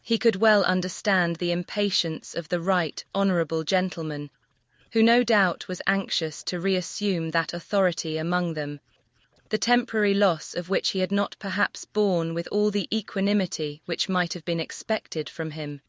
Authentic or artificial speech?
artificial